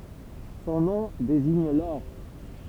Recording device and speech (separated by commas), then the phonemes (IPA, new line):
temple vibration pickup, read sentence
sɔ̃ nɔ̃ deziɲ lɔʁ